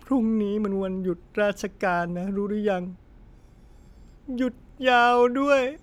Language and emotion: Thai, sad